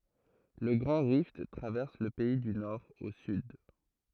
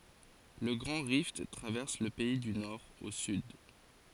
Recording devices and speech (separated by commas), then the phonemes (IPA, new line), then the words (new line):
throat microphone, forehead accelerometer, read sentence
lə ɡʁɑ̃ ʁift tʁavɛʁs lə pɛi dy nɔʁ o syd
Le Grand Rift traverse le pays du nord au sud.